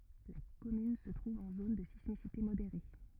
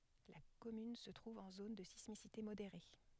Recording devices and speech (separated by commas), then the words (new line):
rigid in-ear microphone, headset microphone, read sentence
La commune se trouve en zone de sismicité modérée.